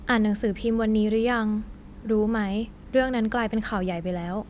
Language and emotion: Thai, neutral